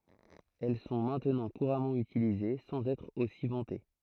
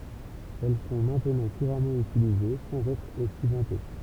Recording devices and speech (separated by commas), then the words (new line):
throat microphone, temple vibration pickup, read sentence
Elles sont maintenant couramment utilisées sans être aussi vantées.